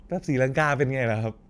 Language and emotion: Thai, happy